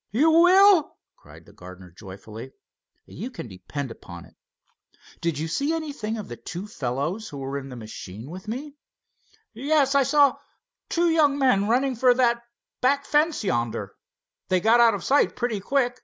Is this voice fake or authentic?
authentic